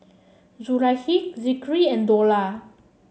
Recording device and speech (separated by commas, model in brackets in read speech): mobile phone (Samsung C7), read sentence